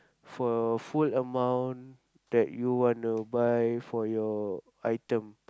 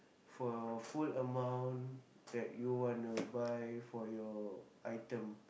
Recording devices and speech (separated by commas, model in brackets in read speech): close-talking microphone, boundary microphone, conversation in the same room